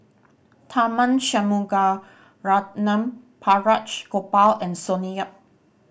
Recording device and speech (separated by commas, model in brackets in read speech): boundary microphone (BM630), read sentence